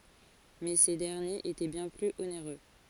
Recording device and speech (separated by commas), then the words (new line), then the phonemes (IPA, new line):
forehead accelerometer, read sentence
Mais ces derniers étaient bien plus onéreux.
mɛ se dɛʁnjez etɛ bjɛ̃ plyz oneʁø